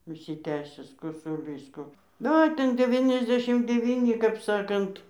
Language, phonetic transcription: Lithuanian, užsiˈtęsęs kosuˈlys ˈko nu ˈo ˈten deˌviniasˈdešim deˈvyni kap ˈsakant

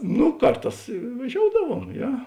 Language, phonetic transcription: Lithuanian, nu ˈkarˌtās vaˈžioudavuom ˈje

